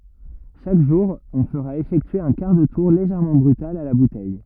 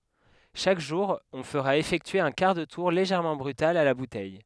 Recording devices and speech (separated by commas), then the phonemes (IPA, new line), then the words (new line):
rigid in-ear microphone, headset microphone, read sentence
ʃak ʒuʁ ɔ̃ fəʁa efɛktye œ̃ kaʁ də tuʁ leʒɛʁmɑ̃ bʁytal a la butɛj
Chaque jour, on fera effectuer un quart de tour légèrement brutal à la bouteille.